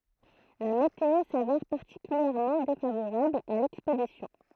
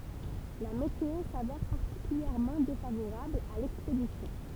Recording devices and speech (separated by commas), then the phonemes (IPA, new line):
throat microphone, temple vibration pickup, read sentence
la meteo savɛʁ paʁtikyljɛʁmɑ̃ defavoʁabl a lɛkspedisjɔ̃